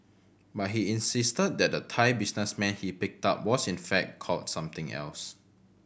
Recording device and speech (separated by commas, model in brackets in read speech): boundary microphone (BM630), read sentence